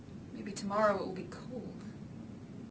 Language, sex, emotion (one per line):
English
female
fearful